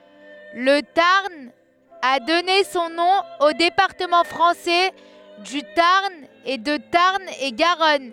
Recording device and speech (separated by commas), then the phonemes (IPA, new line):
headset microphone, read sentence
lə taʁn a dɔne sɔ̃ nɔ̃ o depaʁtəmɑ̃ fʁɑ̃sɛ dy taʁn e də taʁn e ɡaʁɔn